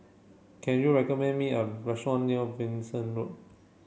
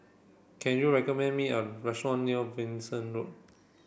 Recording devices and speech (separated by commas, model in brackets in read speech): mobile phone (Samsung C7), boundary microphone (BM630), read sentence